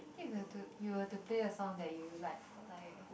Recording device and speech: boundary microphone, conversation in the same room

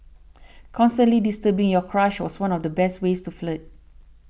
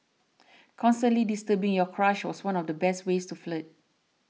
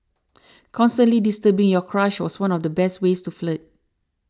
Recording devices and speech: boundary microphone (BM630), mobile phone (iPhone 6), standing microphone (AKG C214), read sentence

